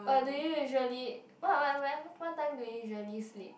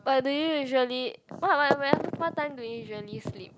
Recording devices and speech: boundary microphone, close-talking microphone, conversation in the same room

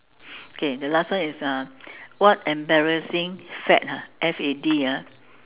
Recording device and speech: telephone, conversation in separate rooms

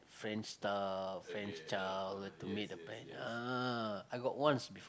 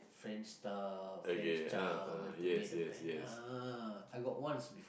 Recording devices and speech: close-talking microphone, boundary microphone, conversation in the same room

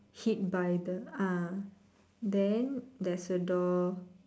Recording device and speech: standing microphone, conversation in separate rooms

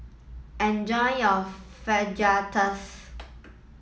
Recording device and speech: mobile phone (iPhone 7), read sentence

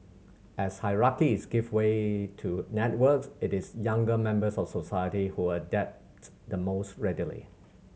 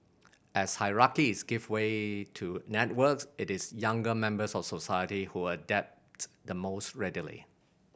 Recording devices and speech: mobile phone (Samsung C7100), boundary microphone (BM630), read sentence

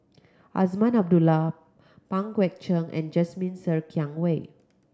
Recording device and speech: close-talking microphone (WH30), read sentence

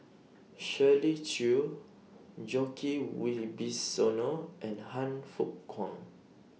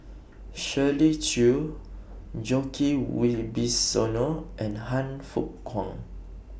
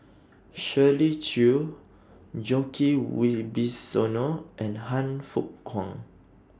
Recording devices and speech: mobile phone (iPhone 6), boundary microphone (BM630), standing microphone (AKG C214), read sentence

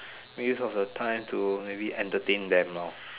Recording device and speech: telephone, conversation in separate rooms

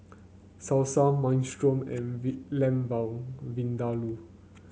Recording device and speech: mobile phone (Samsung C9), read sentence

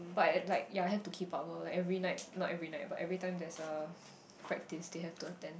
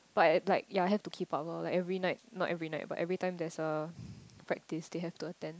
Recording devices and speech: boundary microphone, close-talking microphone, conversation in the same room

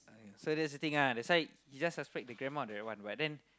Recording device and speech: close-talking microphone, conversation in the same room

